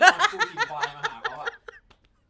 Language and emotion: Thai, happy